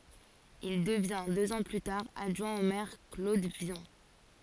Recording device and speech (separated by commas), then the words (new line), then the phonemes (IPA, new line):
forehead accelerometer, read sentence
Il devient deux ans plus tard adjoint au maire Claude Vion.
il dəvjɛ̃ døz ɑ̃ ply taʁ adʒwɛ̃ o mɛʁ klod vjɔ̃